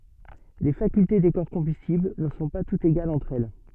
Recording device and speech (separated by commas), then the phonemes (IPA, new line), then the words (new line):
soft in-ear microphone, read sentence
le fakylte de kɔʁ kɔ̃bystibl nə sɔ̃ pa tutz eɡalz ɑ̃tʁ ɛl
Les facultés des corps combustibles ne sont pas toutes égales entre elles.